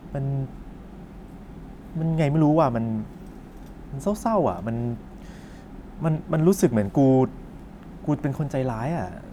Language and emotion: Thai, frustrated